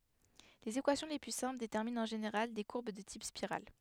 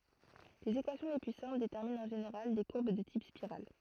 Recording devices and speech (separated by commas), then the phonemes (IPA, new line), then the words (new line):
headset microphone, throat microphone, read sentence
lez ekwasjɔ̃ le ply sɛ̃pl detɛʁmint ɑ̃ ʒeneʁal de kuʁb də tip spiʁal
Les équations les plus simples déterminent en général des courbes de type spirale.